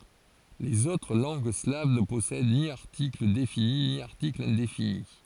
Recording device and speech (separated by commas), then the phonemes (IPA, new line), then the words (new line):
forehead accelerometer, read sentence
lez otʁ lɑ̃ɡ slav nə pɔsɛd ni aʁtikl defini ni aʁtikl ɛ̃defini
Les autres langues slaves ne possèdent ni article défini ni article indéfini.